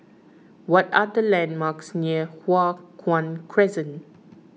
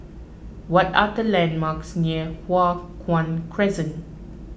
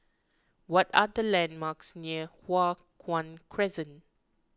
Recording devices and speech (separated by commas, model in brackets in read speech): mobile phone (iPhone 6), boundary microphone (BM630), close-talking microphone (WH20), read sentence